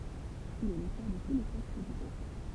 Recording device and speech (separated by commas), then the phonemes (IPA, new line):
temple vibration pickup, read sentence
il ɛ lotœʁ də tu le tɛkst dy ɡʁup